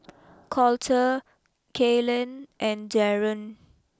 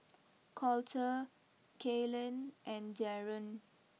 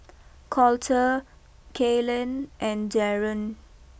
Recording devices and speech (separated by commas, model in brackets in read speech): close-talking microphone (WH20), mobile phone (iPhone 6), boundary microphone (BM630), read sentence